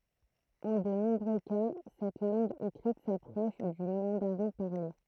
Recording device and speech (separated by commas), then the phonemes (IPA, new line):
throat microphone, read sentence
ɑ̃ də nɔ̃bʁø ka sɛt lɑ̃ɡ ekʁit sapʁɔʃ dy mɑ̃daʁɛ̃ paʁle